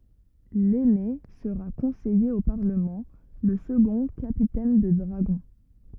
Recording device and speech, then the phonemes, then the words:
rigid in-ear microphone, read sentence
lɛne səʁa kɔ̃sɛje o paʁləmɑ̃ lə səɡɔ̃ kapitɛn də dʁaɡɔ̃
L’aîné sera conseiller au Parlement, le second capitaine de dragons.

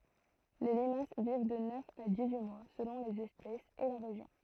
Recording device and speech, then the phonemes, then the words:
throat microphone, read sentence
le limas viv də nœf a dis yi mwa səlɔ̃ lez ɛspɛsz e la ʁeʒjɔ̃
Les limaces vivent de neuf à dix-huit mois selon les espèces et la région.

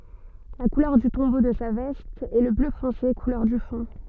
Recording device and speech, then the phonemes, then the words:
soft in-ear microphone, read sentence
la kulœʁ dy tɔ̃bo də sa vɛst ɛ lə blø fɔ̃se kulœʁ dy fɔ̃
La couleur du tombeau de sa veste est le bleu foncé, couleur du fond.

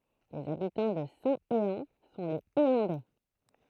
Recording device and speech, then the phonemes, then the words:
throat microphone, read sentence
lez abitɑ̃ də sɛ̃teɑ̃ sɔ̃ lez eɑ̃dɛ
Les habitants de Saint-Héand sont les Héandais.

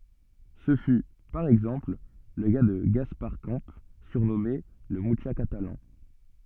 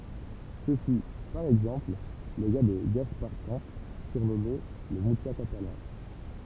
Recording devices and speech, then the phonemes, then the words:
soft in-ear microphone, temple vibration pickup, read sentence
sə fy paʁ ɛɡzɑ̃pl lə ka də ɡaspaʁ kɑ̃ syʁnɔme lə myʃa katalɑ̃
Ce fut, par exemple, le cas de Gaspar Camps, surnommé le Mucha catalan.

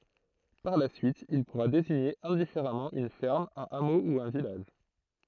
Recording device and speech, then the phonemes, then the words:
throat microphone, read sentence
paʁ la syit il puʁa deziɲe ɛ̃difeʁamɑ̃ yn fɛʁm œ̃n amo u œ̃ vilaʒ
Par la suite, il pourra désigner indifféremment une ferme, un hameau ou un village.

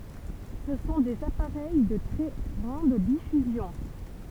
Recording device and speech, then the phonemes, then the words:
temple vibration pickup, read sentence
sə sɔ̃ dez apaʁɛj də tʁɛ ɡʁɑ̃d difyzjɔ̃
Ce sont des appareils de très grande diffusion.

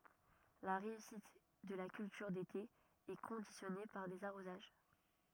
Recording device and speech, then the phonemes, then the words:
rigid in-ear microphone, read sentence
la ʁeysit də la kyltyʁ dete ɛ kɔ̃disjɔne paʁ dez aʁozaʒ
La réussite de la culture d'été est conditionnée par des arrosages.

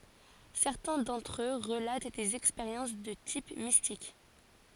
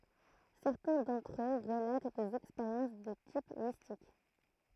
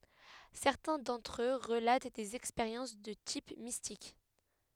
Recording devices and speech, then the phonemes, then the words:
forehead accelerometer, throat microphone, headset microphone, read sentence
sɛʁtɛ̃ dɑ̃tʁ ø ʁəlat dez ɛkspeʁjɑ̃s də tip mistik
Certains d'entre eux relatent des expériences de type mystique.

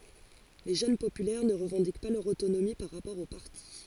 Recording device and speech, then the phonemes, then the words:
forehead accelerometer, read sentence
le ʒøn popylɛʁ nə ʁəvɑ̃dik pa lœʁ otonomi paʁ ʁapɔʁ o paʁti
Les Jeunes Populaires ne revendiquent pas leur autonomie par rapport au parti.

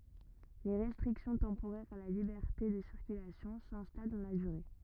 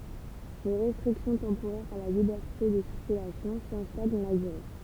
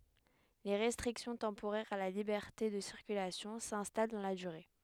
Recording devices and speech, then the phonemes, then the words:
rigid in-ear microphone, temple vibration pickup, headset microphone, read sentence
le ʁɛstʁiksjɔ̃ tɑ̃poʁɛʁz a la libɛʁte də siʁkylasjɔ̃ sɛ̃stal dɑ̃ la dyʁe
Les restrictions temporaires à la liberté de circulation s'installent dans la durée.

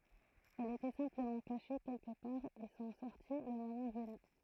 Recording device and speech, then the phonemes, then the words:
throat microphone, read sentence
ɛlz etɛ sɛ̃pləmɑ̃ kaʃe kɛlkə paʁ e sɔ̃ sɔʁti lə momɑ̃ vəny
Elles étaient simplement cachées quelque part et sont sorties le moment venu.

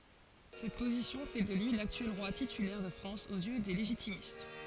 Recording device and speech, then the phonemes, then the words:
forehead accelerometer, read sentence
sɛt pozisjɔ̃ fɛ də lyi laktyɛl ʁwa titylɛʁ də fʁɑ̃s oz jø de leʒitimist
Cette position fait de lui l'actuel roi titulaire de France aux yeux des légitimistes.

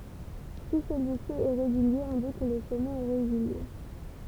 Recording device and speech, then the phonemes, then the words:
temple vibration pickup, read sentence
si səlyi si ɛ ʁeɡylje ɔ̃ di kə lə sɔmɛt ɛ ʁeɡylje
Si celui-ci est régulier on dit que le sommet est régulier.

